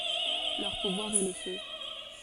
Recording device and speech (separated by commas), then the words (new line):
forehead accelerometer, read sentence
Leur pouvoir est le feu.